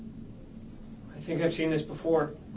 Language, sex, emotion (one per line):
English
male
neutral